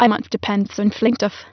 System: TTS, waveform concatenation